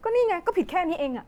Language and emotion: Thai, frustrated